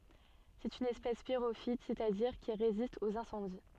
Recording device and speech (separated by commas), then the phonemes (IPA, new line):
soft in-ear microphone, read sentence
sɛt yn ɛspɛs piʁofit sɛstadiʁ ki ʁezist oz ɛ̃sɑ̃di